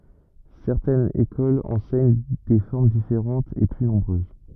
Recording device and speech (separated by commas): rigid in-ear microphone, read sentence